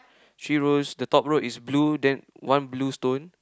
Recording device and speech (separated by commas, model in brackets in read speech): close-talking microphone, conversation in the same room